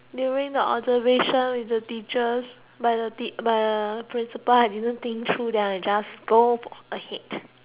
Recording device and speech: telephone, conversation in separate rooms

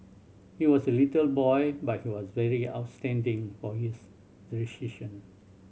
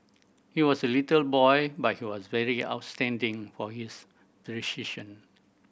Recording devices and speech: mobile phone (Samsung C7100), boundary microphone (BM630), read sentence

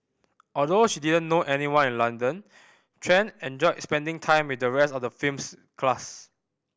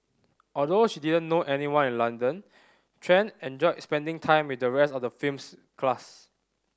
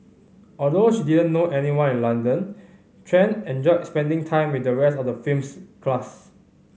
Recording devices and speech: boundary microphone (BM630), standing microphone (AKG C214), mobile phone (Samsung C5010), read sentence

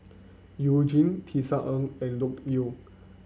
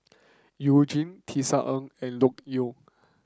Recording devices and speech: mobile phone (Samsung C9), close-talking microphone (WH30), read sentence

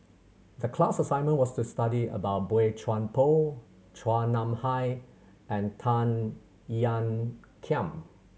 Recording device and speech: mobile phone (Samsung C7100), read sentence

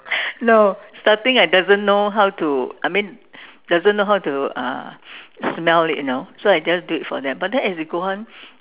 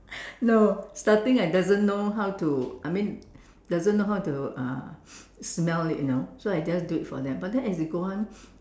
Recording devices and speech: telephone, standing microphone, conversation in separate rooms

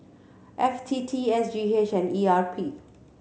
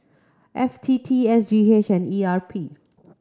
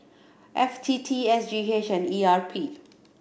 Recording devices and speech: mobile phone (Samsung C7100), close-talking microphone (WH30), boundary microphone (BM630), read sentence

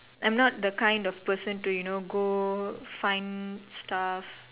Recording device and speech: telephone, conversation in separate rooms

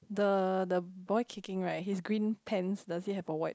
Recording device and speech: close-talking microphone, conversation in the same room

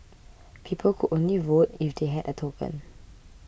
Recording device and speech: boundary microphone (BM630), read sentence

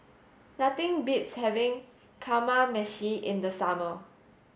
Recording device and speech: mobile phone (Samsung S8), read sentence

